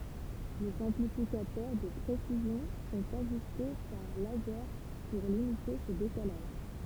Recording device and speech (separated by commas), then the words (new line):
temple vibration pickup, read sentence
Les amplificateurs de précision sont ajustés par laser pour limiter ce décalage.